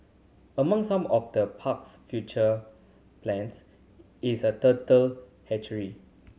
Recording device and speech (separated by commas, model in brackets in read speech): mobile phone (Samsung C7100), read sentence